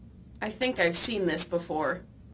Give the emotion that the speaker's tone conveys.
neutral